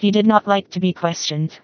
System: TTS, vocoder